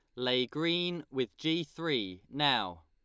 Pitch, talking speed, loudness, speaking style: 140 Hz, 135 wpm, -32 LUFS, Lombard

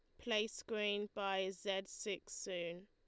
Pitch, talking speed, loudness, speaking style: 200 Hz, 135 wpm, -41 LUFS, Lombard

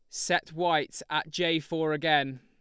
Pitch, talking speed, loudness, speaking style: 160 Hz, 165 wpm, -28 LUFS, Lombard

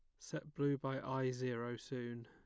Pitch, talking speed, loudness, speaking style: 130 Hz, 175 wpm, -42 LUFS, plain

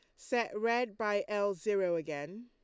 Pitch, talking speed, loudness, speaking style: 210 Hz, 160 wpm, -34 LUFS, Lombard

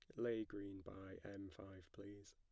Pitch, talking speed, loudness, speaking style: 100 Hz, 170 wpm, -51 LUFS, plain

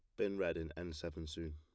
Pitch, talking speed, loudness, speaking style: 80 Hz, 265 wpm, -42 LUFS, plain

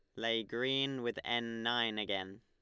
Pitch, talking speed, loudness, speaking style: 115 Hz, 165 wpm, -35 LUFS, Lombard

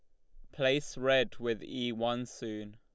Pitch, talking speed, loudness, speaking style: 120 Hz, 165 wpm, -33 LUFS, Lombard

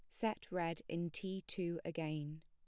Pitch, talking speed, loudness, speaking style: 170 Hz, 160 wpm, -42 LUFS, plain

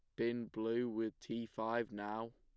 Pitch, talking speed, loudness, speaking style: 115 Hz, 165 wpm, -41 LUFS, plain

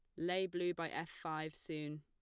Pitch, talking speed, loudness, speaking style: 165 Hz, 200 wpm, -41 LUFS, plain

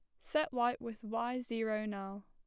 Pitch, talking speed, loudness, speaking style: 230 Hz, 175 wpm, -37 LUFS, plain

